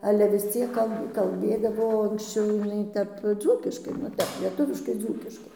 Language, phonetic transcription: Lithuanian, ˈale vis ˈciek ˈkal kalˈbėdavo anksˈčiau jiˈnai ˈtep ˈdzūkiškai ˈnu ˈtep lieˈtuviškai ˈdzūkiškai

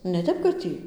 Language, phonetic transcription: Lithuanian, ne ˈtep kad ˈtį

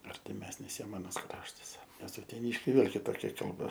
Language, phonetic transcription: Lithuanian, artiˈmesnis ˈjiem aˈnas ˈkraštas nes uteˈnyškiai ˈvėl kiˈtokia kalˈba

